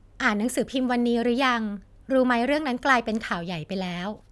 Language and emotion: Thai, neutral